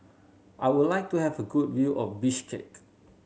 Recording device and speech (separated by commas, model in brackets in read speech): mobile phone (Samsung C7100), read sentence